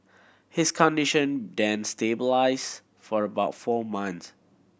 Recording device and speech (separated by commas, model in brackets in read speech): boundary microphone (BM630), read sentence